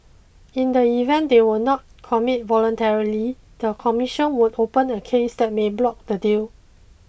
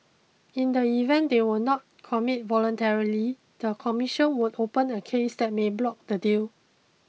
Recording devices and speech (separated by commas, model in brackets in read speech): boundary microphone (BM630), mobile phone (iPhone 6), read sentence